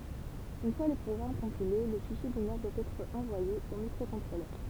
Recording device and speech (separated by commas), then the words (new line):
temple vibration pickup, read sentence
Une fois le programme compilé, le fichier binaire doit être envoyé au microcontrôleur.